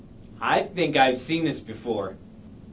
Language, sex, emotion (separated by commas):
English, male, neutral